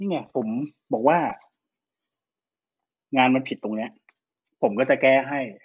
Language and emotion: Thai, frustrated